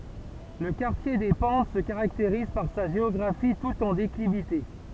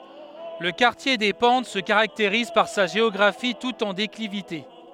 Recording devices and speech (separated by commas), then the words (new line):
temple vibration pickup, headset microphone, read sentence
Le quartier des Pentes se caractérise par sa géographie toute en déclivité.